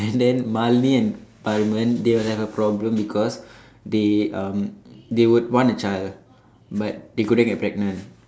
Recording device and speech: standing microphone, conversation in separate rooms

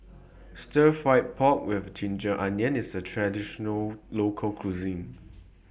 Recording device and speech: boundary microphone (BM630), read sentence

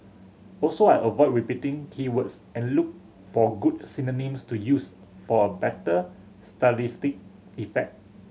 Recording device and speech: mobile phone (Samsung C7100), read sentence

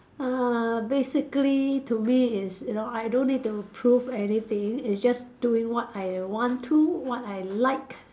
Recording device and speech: standing microphone, conversation in separate rooms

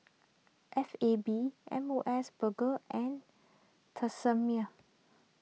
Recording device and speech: mobile phone (iPhone 6), read sentence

